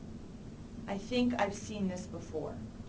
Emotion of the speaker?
neutral